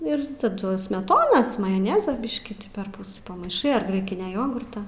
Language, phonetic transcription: Lithuanian, ir taˈdu smeˈtonas majoˈneza ˈbiškį perˈpus pamaiˈšai ar ˈgraikinia ˈjogurta

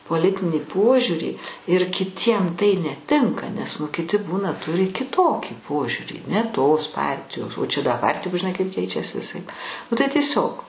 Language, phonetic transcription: Lithuanian, poˈlitinį ˈpožiūrį ir kiˈtiem tai neˈtinka nes ˈnu kiˈti ˈbūna ˈturi kiˈtokį ˈpožiūrį ne tos ˈpartijos o čia da ˈpartijom žiˈnai kaip ˈkeičias viˈsaip nu tai tieˈsiog

